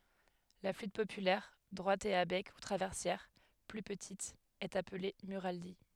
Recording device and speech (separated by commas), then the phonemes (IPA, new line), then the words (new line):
headset microphone, read sentence
la flyt popylɛʁ dʁwat e a bɛk u tʁavɛʁsjɛʁ ply pətit ɛt aple myʁali
La flûte populaire, droite et à bec ou traversière, plus petite, est appelée murali.